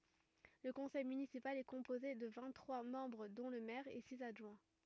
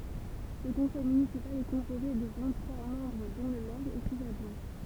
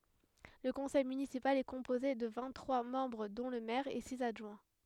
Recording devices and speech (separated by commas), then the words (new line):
rigid in-ear microphone, temple vibration pickup, headset microphone, read sentence
Le conseil municipal est composé de vingt-trois membres dont le maire et six adjoints.